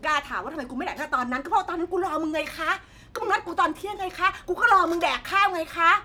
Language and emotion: Thai, angry